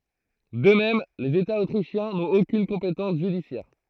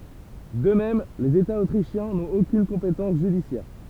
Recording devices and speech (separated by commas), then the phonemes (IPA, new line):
throat microphone, temple vibration pickup, read sentence
də mɛm lez etaz otʁiʃjɛ̃ nɔ̃t okyn kɔ̃petɑ̃s ʒydisjɛʁ